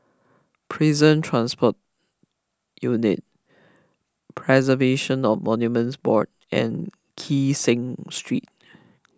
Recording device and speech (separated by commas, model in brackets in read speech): close-talking microphone (WH20), read sentence